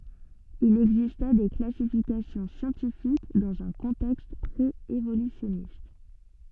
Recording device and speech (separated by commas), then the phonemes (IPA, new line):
soft in-ear microphone, read sentence
il ɛɡzistɛ de klasifikasjɔ̃ sjɑ̃tifik dɑ̃z œ̃ kɔ̃tɛkst pʁeevolysjɔnist